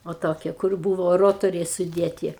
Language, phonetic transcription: Lithuanian, o ˈtokie kur ˈbūvo ˈrotoriai suˈdėti

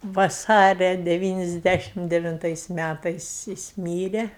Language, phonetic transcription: Lithuanian, vaˈsaria deˈvynisˌdæšim devinˈtais ˈmætais jis ˈmyre

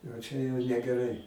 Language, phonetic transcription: Lithuanian, a ˈčia jau negeˈrai

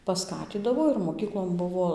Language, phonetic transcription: Lithuanian, paˈskatydavo ir moˈkyklon ˈbuvo

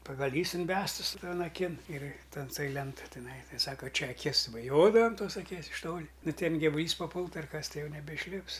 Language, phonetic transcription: Lithuanian, pagaˈlys inˈbestɨs ˈton aˈkin ir ten toj ˈlentoj tiˈnai ˈtai ˈsaka ˈčia aˈkis baˈjodavom ˈtos aˈkies iš ˈtoli ˈnu ˈten givuˈlys paˈpultu ar ˈkas ˈtai ˈjau nebeišˈlips

